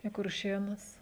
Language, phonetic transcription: Lithuanian, į kurˈšėnus

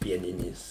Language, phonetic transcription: Lithuanian, ˈpieninės

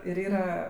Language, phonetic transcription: Lithuanian, ir ˈyra

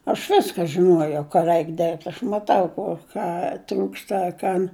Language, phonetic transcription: Lithuanian, aš ˈviska žiˈnuojau ka ˈreik ˈdėrbt' aš maˈtau ˈko ˈką ˈtrūksta a ˈkan

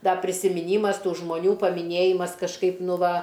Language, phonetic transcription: Lithuanian, ˈda prisimiˈnymas ˈtų žmoˈnių pamiˈnėjimas kažˈkaip ˈnu ˈva

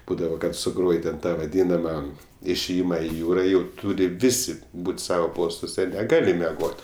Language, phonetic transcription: Lithuanian, ˈbūdavo kad suˈgroj ten ˈtą vaˈdynama išėˈjima i ˈjūra jau ˈtūri ˈvisi ˈbūt ˈsavo ˈpostuose neˈgali meˈgot

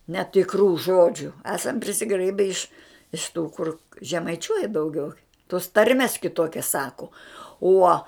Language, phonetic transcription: Lithuanian, netikˈrų ˈžodžiu ˈesam prisiˈgraibe iš iš ˈtų kur žemaiˈčiuoja dauˈgiau tos ˈtarmes kiˈtokias ˈsaku ˈuo

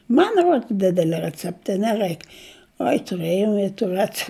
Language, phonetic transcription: Lithuanian, ˈman ˈruods ˈdidelia reˈcepta i neˈraik ˈoi tuˈrɘjau i tų ˈrece

